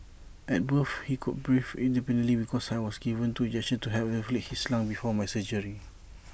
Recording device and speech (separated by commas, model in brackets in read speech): boundary microphone (BM630), read sentence